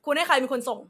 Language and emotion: Thai, angry